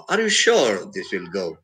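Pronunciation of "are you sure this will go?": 'Are you sure this will go' is said with a rise-fall intonation: the voice rises and then falls.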